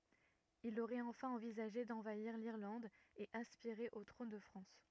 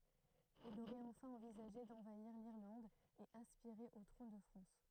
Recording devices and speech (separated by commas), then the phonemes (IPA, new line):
rigid in-ear microphone, throat microphone, read sentence
il oʁɛt ɑ̃fɛ̃ ɑ̃vizaʒe dɑ̃vaiʁ liʁlɑ̃d e aspiʁe o tʁɔ̃n də fʁɑ̃s